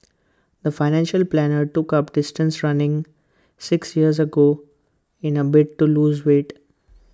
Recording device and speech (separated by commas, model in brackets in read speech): close-talking microphone (WH20), read sentence